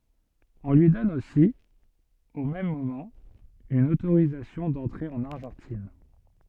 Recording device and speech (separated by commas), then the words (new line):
soft in-ear microphone, read sentence
On lui donne aussi, au même moment, une autorisation d'entrer en Argentine.